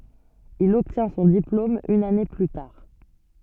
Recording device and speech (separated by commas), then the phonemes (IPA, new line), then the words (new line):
soft in-ear microphone, read sentence
il ɔbtjɛ̃ sɔ̃ diplom yn ane ply taʁ
Il obtient son diplôme une année plus tard.